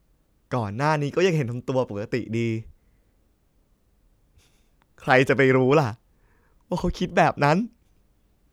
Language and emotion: Thai, sad